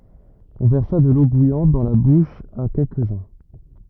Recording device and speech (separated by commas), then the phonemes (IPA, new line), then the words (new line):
rigid in-ear microphone, read sentence
ɔ̃ vɛʁsa də lo bujɑ̃t dɑ̃ la buʃ a kɛlkəzœ̃
On versa de l'eau bouillante dans la bouche à quelques-uns.